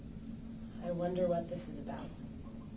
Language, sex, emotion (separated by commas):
English, female, neutral